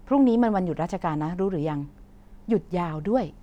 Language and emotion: Thai, neutral